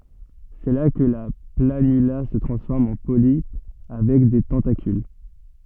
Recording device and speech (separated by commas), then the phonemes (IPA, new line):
soft in-ear microphone, read sentence
sɛ la kə la planyla sə tʁɑ̃sfɔʁm ɑ̃ polipə avɛk de tɑ̃takyl